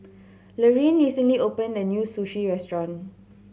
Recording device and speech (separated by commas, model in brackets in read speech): mobile phone (Samsung C7100), read sentence